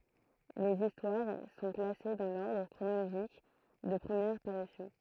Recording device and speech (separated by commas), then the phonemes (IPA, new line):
throat microphone, read sentence
lez istwaʁ sɔ̃ klase dɑ̃ lɔʁdʁ kʁonoloʒik də pʁəmjɛʁ paʁysjɔ̃